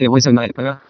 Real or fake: fake